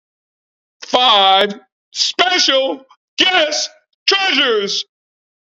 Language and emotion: English, happy